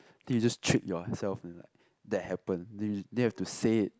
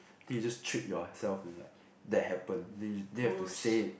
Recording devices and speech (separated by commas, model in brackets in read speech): close-talking microphone, boundary microphone, conversation in the same room